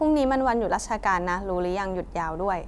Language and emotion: Thai, neutral